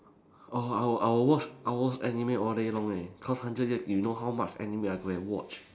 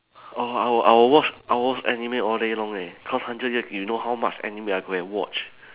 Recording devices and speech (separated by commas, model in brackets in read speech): standing microphone, telephone, conversation in separate rooms